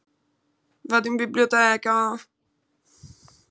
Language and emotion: Italian, sad